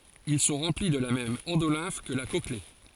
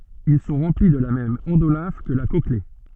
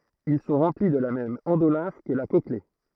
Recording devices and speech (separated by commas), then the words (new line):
forehead accelerometer, soft in-ear microphone, throat microphone, read sentence
Ils sont remplis de la même endolymphe que la cochlée.